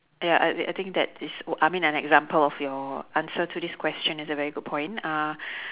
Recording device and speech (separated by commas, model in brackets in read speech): telephone, conversation in separate rooms